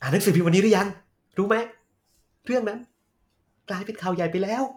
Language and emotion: Thai, happy